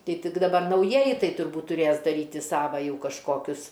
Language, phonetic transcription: Lithuanian, ˈtai ˈtik daˈbar nauˈjieji ˈtai turˈbūt tuˈrės daˈryti ˈsava ˈjau kažˈkokius

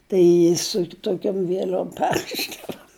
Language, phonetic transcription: Lithuanian, ˈtai su toˈkiom vieˈl'om ˈperrišdavo

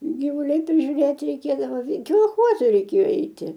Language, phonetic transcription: Lithuanian, gyˈvuliai prižiūˈrėti reiˈkėdavo kolˈchoza reiˈkėjo ˈeiti

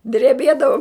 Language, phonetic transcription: Lithuanian, dreˈbiedavau

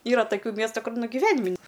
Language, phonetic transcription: Lithuanian, ˈyra taˈkių ˈmiestu ˈkur nu giˈvenim' ni

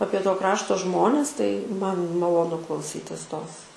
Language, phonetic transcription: Lithuanian, ˈapie to ˈkrašto ˈžmones tai ˈman maloˈnu klauˈsytis ˈtos

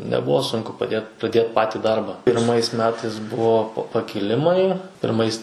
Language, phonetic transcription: Lithuanian, neˈbuvo ˈsunku paˈdėt praˈdėt ˈpati ˈdarba pirˈmais ˈmetais ˈbuvo pa pakiˈlimai pirˈmais

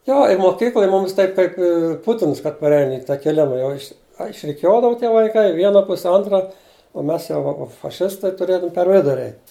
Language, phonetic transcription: Lithuanian, ˈjo i moˈkykloj ˈmumis ˈtaip kaip i ˈputins kad parˈein i takeˈliu nu ˈjau iš' a išriˈkiuodavu tie vaiˈkai i ˈviena ˈpuse ˈontra o ˈmes jau ˈva faˈšistai tuˈrėdavum per ˈviduri ˈeit'

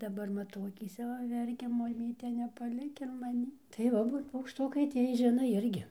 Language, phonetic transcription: Lithuanian, daˈbar maˈtau akyˈse va ˈverkia maˈmyte nepaˈlik ir maˈnį tai ˈva ˈbūt paukšˈtukai ˈtiej ˈžino ˈirgi

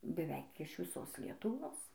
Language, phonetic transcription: Lithuanian, beˈveik iš viˈsos lietuˈvos

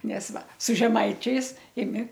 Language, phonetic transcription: Lithuanian, ˈnes ˈva su žeˈmaičiais iˈmi

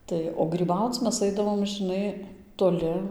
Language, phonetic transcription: Lithuanian, ˈtai o gryˈbauc ˈmes ˈaidavom žɨˈnai toˈli

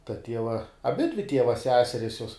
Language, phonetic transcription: Lithuanian, ta ˈtieva aˈbidvi ˈtieva ˈseseris juos

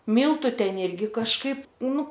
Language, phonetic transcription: Lithuanian, ˈmyltu ˈten ˈirgi kažˈkaip ˈnu

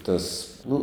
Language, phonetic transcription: Lithuanian, ˈtas ˈnu

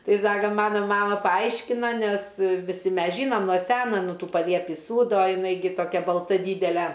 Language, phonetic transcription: Lithuanian, ˈtai ˈsaka ˈmano ˈmama paˈaiškina ˈnes viˈsi ˈmes ˈžynom nuo ˈseno ˈnu ˈtų paˈliepį ˈsūdo jiˈnai gi toˈkia balˈta ˈdydele

